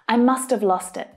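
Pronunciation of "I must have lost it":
In 'lost it', the word 'it' is pulled into 'lost' and links onto the consonant at the end of 'lost'.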